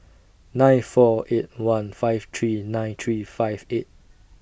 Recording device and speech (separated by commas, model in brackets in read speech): boundary microphone (BM630), read sentence